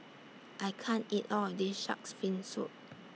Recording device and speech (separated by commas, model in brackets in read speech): mobile phone (iPhone 6), read sentence